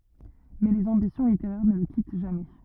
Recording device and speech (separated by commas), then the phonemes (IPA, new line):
rigid in-ear microphone, read sentence
mɛ lez ɑ̃bisjɔ̃ liteʁɛʁ nə lə kit ʒamɛ